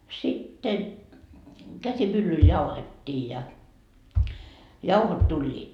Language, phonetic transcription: Finnish, sitten , 'käsimyllyl jauhet́t́ii ja , 'jauhot 'tuĺĺiit .
- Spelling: sitten käsimyllyllä jauhettiin ja jauhot tulivat

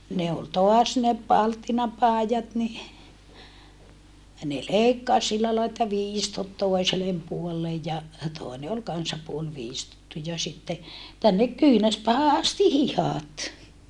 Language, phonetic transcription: Finnish, ne ol toas ne palttinapàijat ni , ne leikkas sillä lai että viistot tòi̮selem puollej ja , tòene ol kansa puol viistottu ja sitte , tännek kyynäspäähä asti hihàt .
- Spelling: ne oli taas ne palttinapaidat niin ne leikkasi sillä lailla että viistot toiselle puolelle ja toinen oli kanssa puoli viistottu ja sitten tänne kyynärpäähän asti hihat

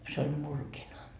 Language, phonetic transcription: Finnish, se ol 'murkina , murkina .
- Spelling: se oli murkina murkina

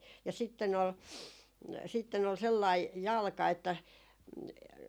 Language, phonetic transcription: Finnish, ja 'sitten ‿ol , 'sitten ‿ol 'sellai , "jalka että ,.
- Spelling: ja sitten oli sitten oli sellainen jalka että

